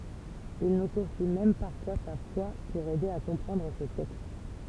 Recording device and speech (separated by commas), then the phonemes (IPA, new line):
temple vibration pickup, read sentence
il nu kɔ̃fi mɛm paʁfwa sa fwa puʁ ɛde a kɔ̃pʁɑ̃dʁ se tɛkst